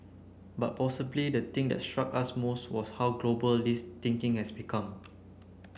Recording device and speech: boundary microphone (BM630), read sentence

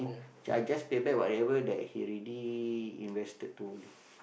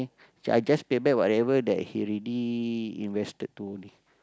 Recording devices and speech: boundary microphone, close-talking microphone, conversation in the same room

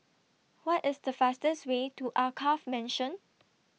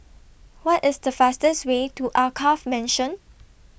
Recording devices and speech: mobile phone (iPhone 6), boundary microphone (BM630), read sentence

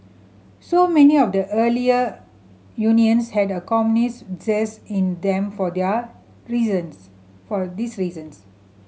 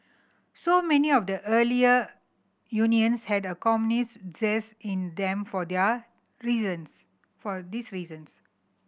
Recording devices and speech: mobile phone (Samsung C7100), boundary microphone (BM630), read sentence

